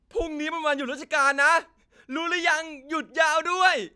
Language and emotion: Thai, happy